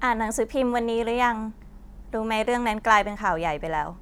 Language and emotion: Thai, neutral